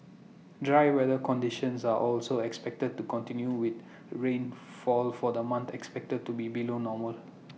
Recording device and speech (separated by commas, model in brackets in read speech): mobile phone (iPhone 6), read sentence